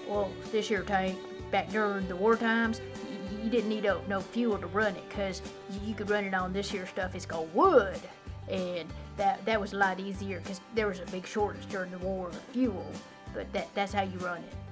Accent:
in Southern U.S. accent